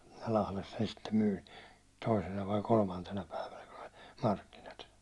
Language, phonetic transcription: Finnish, 'Lahles sen sittem myyn̬ , 'toisena vai 'kolmantena päivänä kun ‿oĺ , 'markkinat .
- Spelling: Lahdessa sen sitten myin toisena vai kolmantena päivänä kun oli markkinat

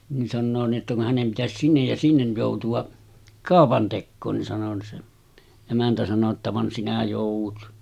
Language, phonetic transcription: Finnish, ni sannoo ni ’että kun , » 'hänem pitäsis 'sinnej ja 'sinnej jòutu₍a , 'kàopantekkoon « ni sano se , 'emäntä sano ‿tta » 'van sinä jòuv̆vut .
- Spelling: niin sanoo niin että kun hänen pitäisi sinne ja sinne joutua kaupantekoon niin sanoi se emäntä sanoi jotta vaan sinä joudut

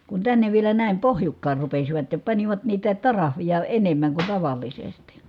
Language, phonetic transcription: Finnish, kun tännev vielä nä̀im pohjukkaar rupesivat ja panivat niitä , tarahvija enemmäŋ kun tavàllisesti .
- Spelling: kun tänne vielä näin pohjukkaan rupesivat ja panivat niitä tariffeja enemmän kuin tavallisesti

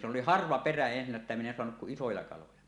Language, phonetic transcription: Finnish, sᵉ ‿oli "harva 'perä ensinnä että min ‿en soanuk kuˀ "ˀisoja kaloja .
- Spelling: se oli harva perä ensinnä että minä en saanut kuin isoja kaloja

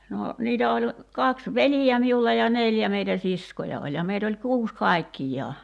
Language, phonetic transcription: Finnish, no , 'niitä oĺ , 'kaks "velijä miulla ja 'nèljä meitä "siskoja oĺ ja 'meit ‿oĺ 'kuus "kài̬kkij̆jaa .
- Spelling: no niitä oli kaksi veljeä minulla ja neljä meitä siskoja oli ja meitä oli kuusi kaikkiaan

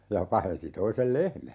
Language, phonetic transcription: Finnish, ja 'pahensi 'toisel "lehmä .
- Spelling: ja pahensi toisen lehmän

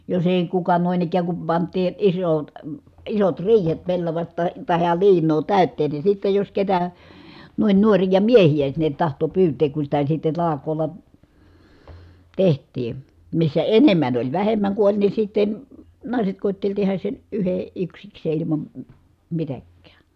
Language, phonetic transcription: Finnish, jos ‿èi kuka nòin ‿ik̀ääŋ kum pant̀ii , isot , isot riihet pellavaś(ta tahe) , tahe ja liiǹoo tä̀yt̆teen ni sittej jos ketä , nuin nuorija miehiʲä sinnet tahto pyyteek ku sitä sitte talak̀oolla , teht̆tii , missä enem̆män ‿oĺ , vähem̆mäŋ ku oĺ ni sitten , nàiset kòitteĺ tehäs sen , yhe- , yksiksee ilimam , m̥ mitäkkää .
- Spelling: jos ei kuka noin ikään kun pantiin isot isot riihet pellavasta tai tai ja liinaa täyteen niin sitten jos ketä noin nuoria miehiä sinne tahtoi pyytää kun sitä sitten talkoolla tehtiin missä enemmän oli vähemmän kun oli niin sitten naiset koetteli tehdä sen - yksikseen ilman - mitäkään

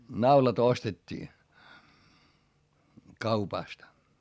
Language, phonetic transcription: Finnish, naulat ‿ostet́t́ii , kaupastᵃ .
- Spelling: naulat ostettiin kaupasta

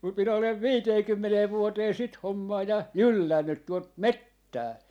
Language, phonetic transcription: Finnish, kum 'min ‿olev "viiteekymmenee 'vuotee "sit 'hommaa ja , "jyllännyt tuot "mettää .
- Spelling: kun minä olen viiteenkymmeneen vuoteen sitä hommaa ja jyllännyt tuota metsää

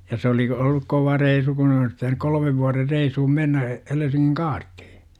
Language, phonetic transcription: Finnish, ja se olik- , olluk "kova 'reisu kun olis pitänyk "kol°mev vuarer 'reishum 'mennä , 'Helesiŋŋiŋ "kaarttIHI .
- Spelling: ja se olikin ollut kova reissu kun olisi pitänyt kolmen vuoden reissuun mennä Helsingin kaartiin

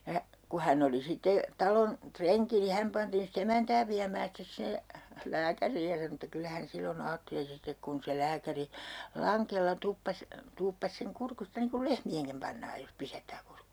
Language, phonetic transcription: Finnish, ja , ku 'hänn ‿oli sitte , 'talon , 'treŋki ni 'häm pantiin si't ‿emäntää viämää 'stes sinne , "lääkäriij ja sano että "kyllä hän 'sillo'n ‿aatteli sitek kun se 'lääkäri , "laŋkella 'tuppas , 'tuuppas seŋ 'kurkusta niiŋ kul "lehmi₍eŋkim pannaaj jos 'pisättää 'kurkk .
- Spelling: ja kun hän oli sitten talon renki niin hän pantiin sitten emäntää viemään sitten sinne lääkäriin ja sanoi että kyllä hän silloin ajatteli sitten kun se lääkäri langella tuppasi tuuppasi sen kurkusta niin kuin lehmienkin pannaan jos pisättää kurkku

